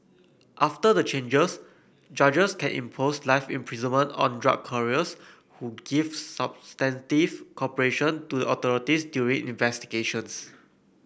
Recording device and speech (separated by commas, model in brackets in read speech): boundary microphone (BM630), read sentence